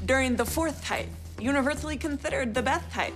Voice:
Lisping